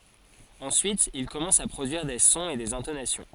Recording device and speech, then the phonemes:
forehead accelerometer, read sentence
ɑ̃syit il kɔmɑ̃s a pʁodyiʁ de sɔ̃z e dez ɛ̃tonasjɔ̃

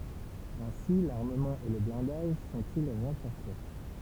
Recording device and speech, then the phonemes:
temple vibration pickup, read sentence
ɛ̃si laʁməmɑ̃ e lə blɛ̃daʒ sɔ̃ti ʁɑ̃fɔʁse

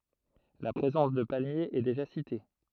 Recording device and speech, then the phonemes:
throat microphone, read sentence
la pʁezɑ̃s də palmjez ɛ deʒa site

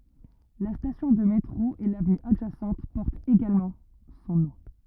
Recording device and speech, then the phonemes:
rigid in-ear microphone, read sentence
la stasjɔ̃ də metʁo e lavny adʒasɑ̃t pɔʁtt eɡalmɑ̃ sɔ̃ nɔ̃

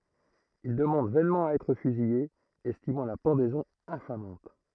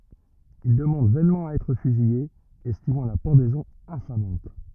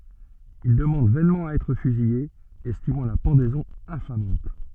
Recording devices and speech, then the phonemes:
throat microphone, rigid in-ear microphone, soft in-ear microphone, read sentence
il dəmɑ̃d vɛnmɑ̃ a ɛtʁ fyzije ɛstimɑ̃ la pɑ̃dɛzɔ̃ ɛ̃famɑ̃t

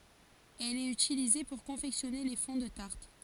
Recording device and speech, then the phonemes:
forehead accelerometer, read sentence
ɛl ɛt ytilize puʁ kɔ̃fɛksjɔne le fɔ̃ də taʁt

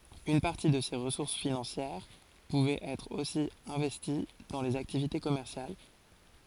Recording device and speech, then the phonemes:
forehead accelerometer, read sentence
yn paʁti də se ʁəsuʁs finɑ̃sjɛʁ puvɛt ɛtʁ osi ɛ̃vɛsti dɑ̃ lez aktivite kɔmɛʁsjal

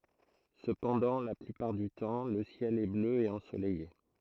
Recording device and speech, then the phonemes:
throat microphone, read sentence
səpɑ̃dɑ̃ la plypaʁ dy tɑ̃ lə sjɛl ɛ blø e ɑ̃solɛje

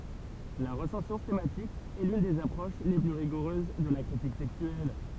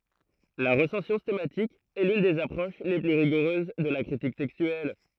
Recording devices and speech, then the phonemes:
temple vibration pickup, throat microphone, read sentence
la ʁəsɑ̃sjɔ̃ stɑ̃matik ɛ lyn dez apʁoʃ le ply ʁiɡuʁøz də la kʁitik tɛkstyɛl

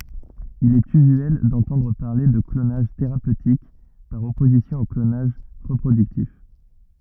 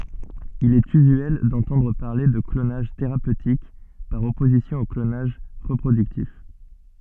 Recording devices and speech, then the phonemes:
rigid in-ear microphone, soft in-ear microphone, read sentence
il ɛt yzyɛl dɑ̃tɑ̃dʁ paʁle də klonaʒ teʁapøtik paʁ ɔpozisjɔ̃ o klonaʒ ʁəpʁodyktif

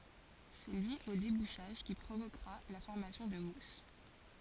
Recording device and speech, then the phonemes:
forehead accelerometer, read sentence
sɛ lyi o debuʃaʒ ki pʁovokʁa la fɔʁmasjɔ̃ də mus

